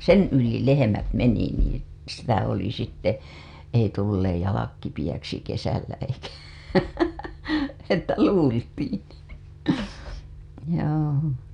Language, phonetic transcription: Finnish, sen yli 'lehemät meni niin̬ , sitä oli sitte , ei tulleej jalak kipiʲäksi kesällä eikä , että 'luultiin̬ , joo .
- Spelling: sen yli lehmät meni niin sitä oli sitten ei tulleet jalat kipeäksi kesällä eikä että luultiin joo

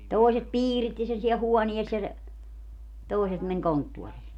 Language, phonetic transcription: Finnish, 'tòiset "piiritti sen siɛl 'huɔnies ja se , 'tòiset men "konttuorii .
- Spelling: toiset piiritti sen siellä huoneessa ja se toiset meni konttoriin

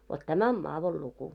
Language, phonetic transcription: Finnish, vot 'tämä om 'maavol'luku .
- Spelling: vot tämä on madonluku

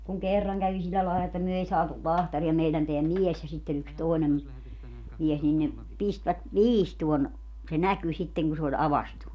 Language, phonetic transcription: Finnish, kuŋ 'kerraŋ kävi 'sillä laela että 'myö ei 'saatul 'lahtari₍a 'meilän teä "mies ja sitte yks 'tòenem , mies nin ne , 'pistvät , "viistuon , se "näky sitteŋ ku se oĺ 'avastu .
- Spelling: kun kerran kävi sillä lailla että me ei saatu lahtaria meidän tämä mies ja sitten yksi toinen mies niin ne pistivät viistoon se näkyi sitten kun se oli aukaistu

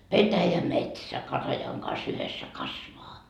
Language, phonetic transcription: Finnish, "petäjä"metsä 'katajaŋ kas yhessä 'kasvaa .
- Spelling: petäjämetsä katajan kanssa yhdessä kasvaa

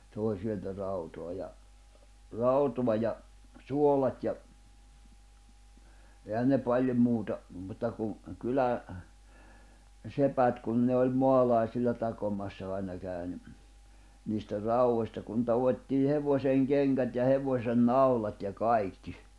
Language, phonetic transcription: Finnish, 'tòi sieltä 'rautoa ja , 'rauto̭a ja , 'suolat ja , 'ehän ne 'paĺjom 'muuta , 'mutta ku , 'kylä- , '-sepät kun ne oĺ 'moalàisilla 'takomassa aina kä̀y̬ ni , niistä 'rau₍ośta kun 'tavot́tii "hevośeŋ 'keŋkät ja 'hevośen "naulat ja "kaikki .
- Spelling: toi sieltä rautaa ja rautaa ja suolat ja eihän ne paljon muuta mutta kun - kyläsepät kun ne oli maalaisilla takomassa aina kävi niin niistä raudoista kun taottiin hevosen kengät ja hevosen naulat ja kaikki

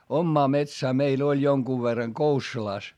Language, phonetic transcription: Finnish, ommaa metsää meil ‿oĺ joŋkuv verraŋ Koussulàs .
- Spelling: omaa metsään meillä oli jonkun verran Koussulassa

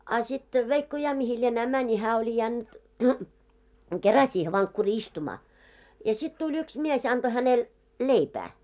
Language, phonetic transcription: Finnish, a sit , 'veikko 'ja mihi lienää 'mäńi hää oĺi 'jännʸt "kera siihe vaŋkkurii 'istumaa , ja 'sit tuĺ 'yks mies 'anᴅo 'hänel , "leipää .
- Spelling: a sitten veikko ja mihin lienee meni hän oli jäänyt kerran siihen vankkuriin istumaan ja sitten tuli yksi mies antoi hänelle leipää

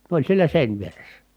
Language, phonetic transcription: Finnish, ne ‿oĺ sielä sèinvieressä .
- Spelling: ne oli siellä seinävieressä

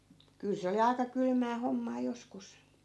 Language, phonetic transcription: Finnish, 'kyl se oli 'aika 'kylmää 'hommaa 'joskus .
- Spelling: kyllä se oli aika kylmää hommaa joskus

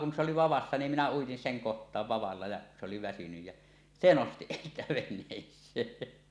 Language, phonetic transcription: Finnish, Kun ŋe oli 'vavassa nim minä uitin "seŋ "koht̀aav 'vavalla ja , se oli väsynyj jä , "se 'nosti siitä 'ven̆nees̀ee .
- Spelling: kun ne oli vavassa niin minä uitin sen kohtaan vavalla ja se oli väsynyt ja se nosti siitä veneeseen

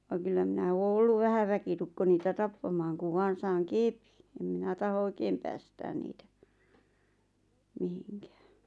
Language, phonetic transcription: Finnish, vaᵑ kyllä minä 'oo "olluv "vähä 'väkitukko niitä "tappamaaŋ kuv 'vaan̬ saaŋ "kèpɪɴ , em 'minä taho "oⁱkeem päästään niitä , 'mihiŋkᴀ̈ᴀ̈(ɴ) .
- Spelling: vaan kyllä minä ole ollut vähän väkitukko niitä tappamaan kun vain saan kepin en minä tahdo oikein päästää niitä mihinkään

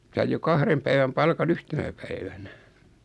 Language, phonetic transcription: Finnish, 'saij jo "kahrem päiväm 'palka"n ‿yhtenä 'päivänä .
- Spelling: sai jo kahden päivän palkan yhtenä päivänä

